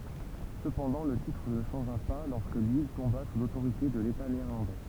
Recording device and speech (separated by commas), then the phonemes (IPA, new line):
temple vibration pickup, read sentence
səpɑ̃dɑ̃ lə titʁ nə ʃɑ̃ʒa pa lɔʁskə lil tɔ̃ba su lotoʁite də leta neɛʁlɑ̃dɛ